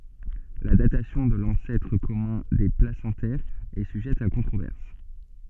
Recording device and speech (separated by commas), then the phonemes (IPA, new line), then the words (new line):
soft in-ear microphone, read sentence
la datasjɔ̃ də lɑ̃sɛtʁ kɔmœ̃ de plasɑ̃tɛʁz ɛ syʒɛt a kɔ̃tʁovɛʁs
La datation de l'ancêtre commun des placentaires est sujette à controverse.